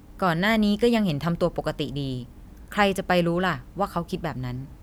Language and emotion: Thai, neutral